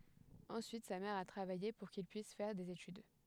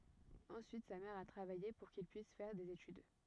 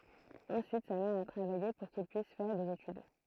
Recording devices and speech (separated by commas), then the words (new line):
headset microphone, rigid in-ear microphone, throat microphone, read sentence
Ensuite, sa mère a travaillé pour qu'il puisse faire des études.